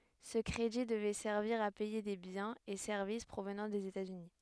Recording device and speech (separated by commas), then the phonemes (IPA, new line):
headset microphone, read sentence
sə kʁedi dəvɛ sɛʁviʁ a pɛje de bjɛ̃z e sɛʁvis pʁovnɑ̃ dez etatsyni